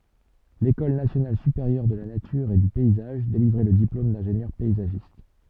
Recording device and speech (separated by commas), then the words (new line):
soft in-ear microphone, read sentence
L'école nationale supérieure de la nature et du paysage délivrait le diplôme d'ingénieur paysagiste.